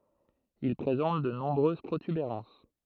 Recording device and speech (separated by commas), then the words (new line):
throat microphone, read sentence
Il présente de nombreuses protubérances.